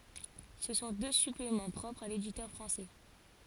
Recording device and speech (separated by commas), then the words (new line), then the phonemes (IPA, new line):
forehead accelerometer, read sentence
Ce sont deux suppléments propres à l'éditeur français.
sə sɔ̃ dø syplemɑ̃ pʁɔpʁz a leditœʁ fʁɑ̃sɛ